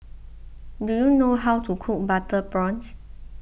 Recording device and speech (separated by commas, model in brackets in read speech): boundary microphone (BM630), read sentence